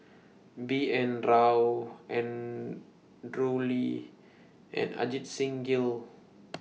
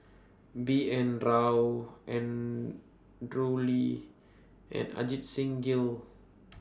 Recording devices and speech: mobile phone (iPhone 6), standing microphone (AKG C214), read sentence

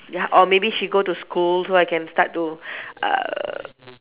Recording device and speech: telephone, conversation in separate rooms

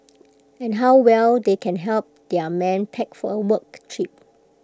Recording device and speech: close-talking microphone (WH20), read sentence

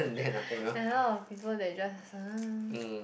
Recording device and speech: boundary microphone, conversation in the same room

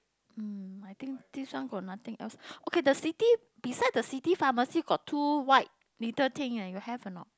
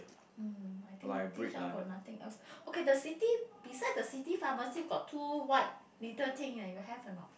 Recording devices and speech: close-talking microphone, boundary microphone, conversation in the same room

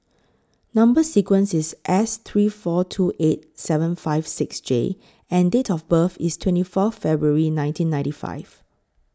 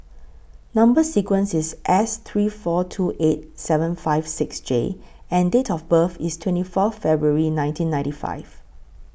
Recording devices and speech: close-talking microphone (WH20), boundary microphone (BM630), read sentence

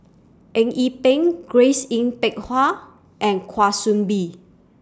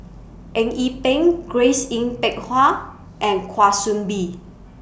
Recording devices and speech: standing microphone (AKG C214), boundary microphone (BM630), read sentence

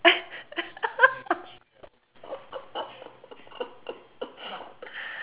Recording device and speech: telephone, conversation in separate rooms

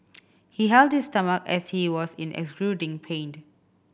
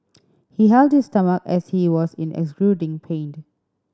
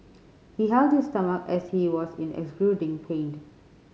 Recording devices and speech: boundary microphone (BM630), standing microphone (AKG C214), mobile phone (Samsung C5010), read sentence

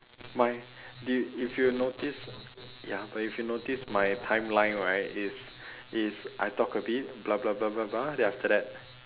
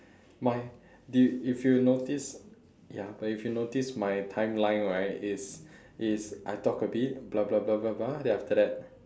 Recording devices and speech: telephone, standing microphone, conversation in separate rooms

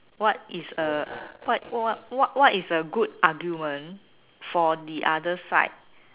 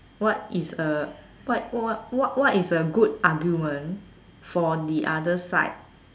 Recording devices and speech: telephone, standing microphone, conversation in separate rooms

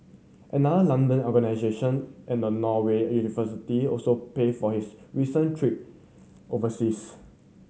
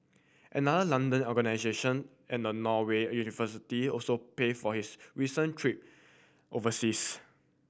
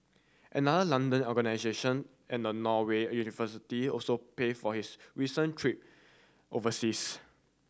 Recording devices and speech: mobile phone (Samsung C7100), boundary microphone (BM630), standing microphone (AKG C214), read sentence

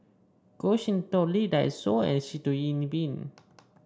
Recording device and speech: standing microphone (AKG C214), read sentence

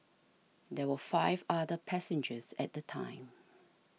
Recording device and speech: mobile phone (iPhone 6), read sentence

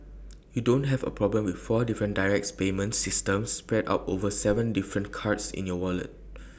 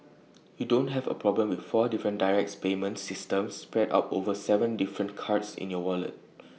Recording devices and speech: boundary microphone (BM630), mobile phone (iPhone 6), read sentence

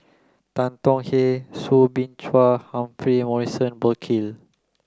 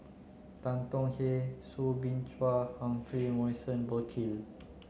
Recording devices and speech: close-talking microphone (WH30), mobile phone (Samsung C9), read sentence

